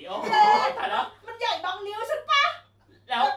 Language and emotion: Thai, happy